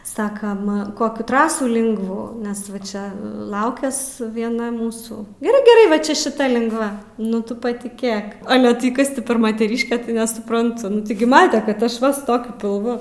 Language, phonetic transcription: Lithuanian, ˈsakam ˈkokių ˈtrasų ˈlingvų ˈnes va ˈčia ˈlaukias vieˈna ˈmūsų geˈrai geˈrai va ˈčia šiˈta lingˈva ˈnu ˈtu patiˈkėk ˈale tai ˈkas ti per mateˈriške tai nesuˈprantu ˈnu tigi ˈmate ˈkad ˈašˈva su ˈtokiu pilˈvu

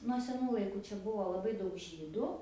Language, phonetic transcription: Lithuanian, nuo seˈnų laiˈkų ˈčia ˈbuvo laˈbai ˈdaug ˈžydu

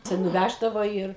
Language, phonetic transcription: Lithuanian, tai nuˈvæždavo ˈyr

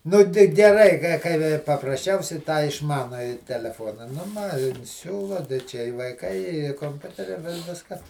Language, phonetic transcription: Lithuanian, ˈnu gi geˈrai kai ˈkai paprasˈčiausiai ˈtą išˈmanuji teleˈfona nu ˈma ˈsiūla tai ˈčia i vaiˈkai i komˈpiuteri vi ˈviska

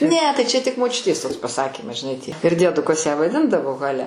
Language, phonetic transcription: Lithuanian, ne tai čia tik moˈčiutės ˈtoks paˈsakymas žiˈnai tie ir dieˈdukas ją vaˈdindavo haˈle

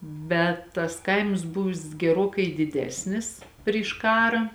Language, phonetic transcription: Lithuanian, ˈbet tas ˈkaims ˈbuvis geˈrokai diˈdesnis priš ˈkarą

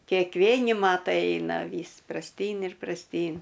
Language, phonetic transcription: Lithuanian, kėkˈvėni ˈmatai ˈaina ˈvys prasˈtyn ir prasˈtyn

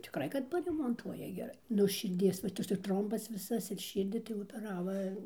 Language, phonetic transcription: Lithuanian, tiˈkrai kad paremonˈtuoja geˈrai nu širˈdies va ˈtas ir ˈtrombas ˈvisas ir ˈšyrdį tai opeˈrava

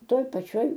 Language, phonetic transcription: Lithuanian, ˈtoj paˈčioj

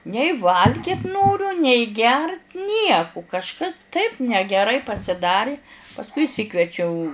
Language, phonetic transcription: Lithuanian, nei ˈvalgit ˈnoriu nei gert ˈnieku kažˈkas taip negeˈrai pasiˈdari pasˈkui išˈsikviečiau

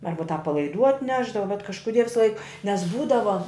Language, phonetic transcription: Lithuanian, ˈarba tāp palaiˈdų atˈnešdava bet kažkuˈdie visaˈlaik nes ˈbūdava

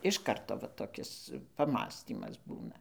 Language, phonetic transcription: Lithuanian, iš ˈkarto va toˈkis paˈmąstymas ˈbūna

